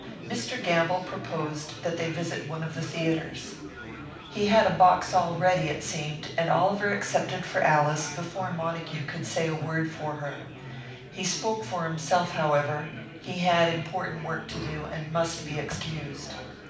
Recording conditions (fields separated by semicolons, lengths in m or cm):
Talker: one person; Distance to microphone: 5.8 m; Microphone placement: far; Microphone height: 1.8 m; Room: medium-sized (5.7 m by 4.0 m); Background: babble